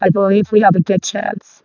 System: VC, vocoder